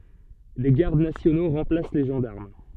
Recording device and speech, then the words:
soft in-ear microphone, read sentence
Des gardes nationaux remplacent les gendarmes.

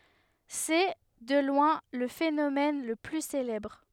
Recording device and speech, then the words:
headset microphone, read sentence
C'est, de loin, le phénomène le plus célèbre.

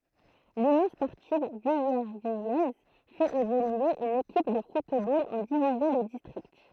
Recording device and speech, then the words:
throat microphone, read sentence
L'Union sportive villervillaise fait évoluer une équipe de football en division de district.

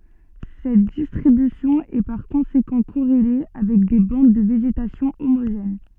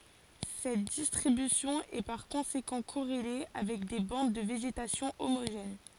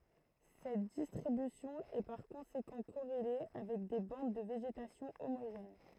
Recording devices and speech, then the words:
soft in-ear microphone, forehead accelerometer, throat microphone, read sentence
Cette distribution est par conséquent corrélée avec des bandes de végétation homogènes.

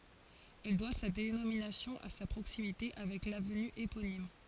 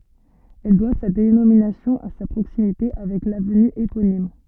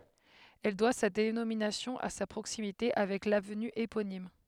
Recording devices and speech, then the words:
forehead accelerometer, soft in-ear microphone, headset microphone, read sentence
Elle doit sa dénomination à sa proximité avec l'avenue éponyme.

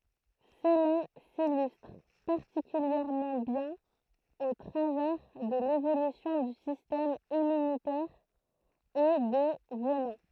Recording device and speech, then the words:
throat microphone, read sentence
Cela s'illustre particulièrement bien au travers de l'évolution du système immunitaire et des venins.

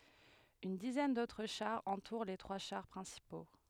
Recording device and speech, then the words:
headset microphone, read sentence
Une dizaine d'autres chars entourent les trois chars principaux.

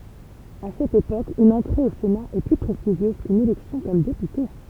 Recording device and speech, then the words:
temple vibration pickup, read sentence
À cette époque, une entrée au Sénat est plus prestigieuse qu'une élection comme député.

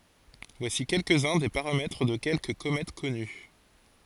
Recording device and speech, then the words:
forehead accelerometer, read sentence
Voici quelques-uns des paramètres de quelques comètes connues.

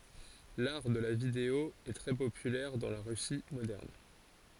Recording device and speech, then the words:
forehead accelerometer, read sentence
L'art de la vidéo est très populaire dans la Russie moderne.

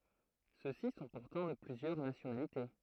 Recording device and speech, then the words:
throat microphone, read sentence
Ceux-ci sont pourtant de plusieurs nationalités.

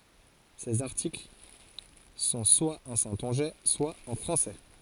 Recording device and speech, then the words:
forehead accelerometer, read sentence
Ses articles sont soit en saintongeais, soit en français.

